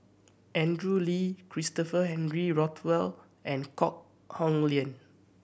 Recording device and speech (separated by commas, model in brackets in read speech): boundary microphone (BM630), read sentence